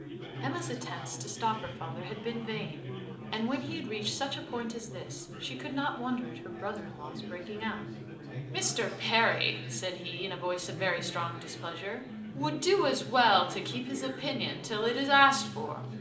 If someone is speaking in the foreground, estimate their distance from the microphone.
2.0 m.